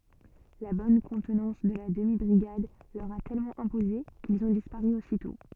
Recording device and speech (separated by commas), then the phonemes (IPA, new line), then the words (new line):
soft in-ear microphone, read sentence
la bɔn kɔ̃tnɑ̃s də la dəmi bʁiɡad lœʁ a tɛlmɑ̃ ɛ̃poze kilz ɔ̃ dispaʁy ositɔ̃
La bonne contenance de la demi-brigade leur a tellement imposé, qu'ils ont disparu aussitôt.